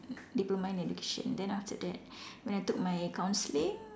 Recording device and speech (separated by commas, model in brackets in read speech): standing microphone, conversation in separate rooms